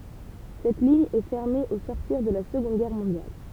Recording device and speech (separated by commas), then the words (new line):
temple vibration pickup, read sentence
Cette ligne est fermée au sortir de la Seconde guerre mondiale.